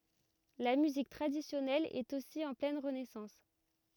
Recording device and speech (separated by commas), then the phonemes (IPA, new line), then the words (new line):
rigid in-ear microphone, read sentence
la myzik tʁadisjɔnɛl ɛt osi ɑ̃ plɛn ʁənɛsɑ̃s
La musique traditionnelle est aussi en pleine renaissance.